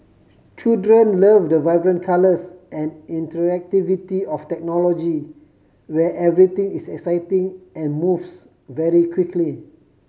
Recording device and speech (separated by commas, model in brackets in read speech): mobile phone (Samsung C5010), read sentence